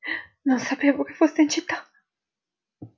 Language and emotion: Italian, fearful